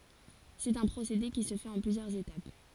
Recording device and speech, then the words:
forehead accelerometer, read sentence
C'est un procédé qui se fait en plusieurs étapes.

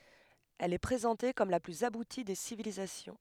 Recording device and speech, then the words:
headset microphone, read sentence
Elle est présentée comme la plus aboutie des civilisations.

